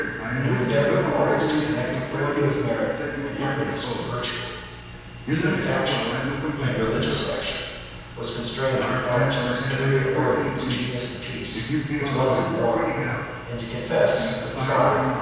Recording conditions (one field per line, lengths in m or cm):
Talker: one person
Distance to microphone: 7.1 m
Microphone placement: far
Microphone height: 1.7 m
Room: very reverberant, large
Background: television